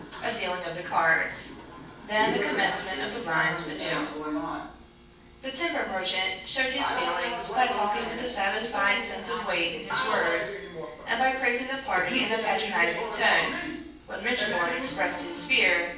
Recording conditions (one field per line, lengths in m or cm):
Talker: one person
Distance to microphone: 9.8 m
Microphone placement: far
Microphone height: 1.8 m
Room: large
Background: television